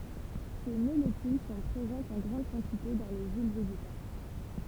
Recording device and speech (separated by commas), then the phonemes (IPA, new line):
temple vibration pickup, read sentence
se molekyl sɔ̃ pʁezɑ̃tz ɑ̃ ɡʁɑ̃d kɑ̃tite dɑ̃ le yil veʒetal